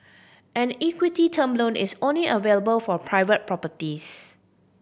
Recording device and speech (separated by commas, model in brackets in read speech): boundary microphone (BM630), read sentence